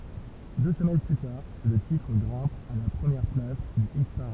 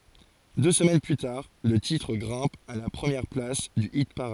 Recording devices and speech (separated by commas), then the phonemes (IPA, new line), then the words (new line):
temple vibration pickup, forehead accelerometer, read sentence
dø səmɛn ply taʁ lə titʁ ɡʁɛ̃p a la pʁəmjɛʁ plas dy ipaʁad
Deux semaines plus tard, le titre grimpe à la première place du hit-parade.